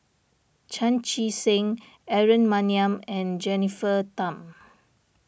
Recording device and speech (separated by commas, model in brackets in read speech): boundary microphone (BM630), read sentence